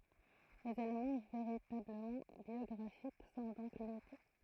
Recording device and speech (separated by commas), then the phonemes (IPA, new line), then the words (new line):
throat microphone, read sentence
lez elemɑ̃ veʁitabləmɑ̃ bjɔɡʁafik sɔ̃ dɔ̃k limite
Les éléments véritablement biographiques sont donc limités.